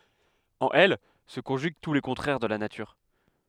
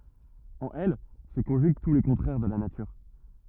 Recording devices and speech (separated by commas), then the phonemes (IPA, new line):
headset microphone, rigid in-ear microphone, read sentence
ɑ̃n ɛl sə kɔ̃ʒyɡ tu le kɔ̃tʁɛʁ də la natyʁ